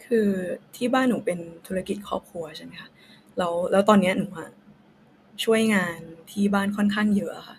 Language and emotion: Thai, sad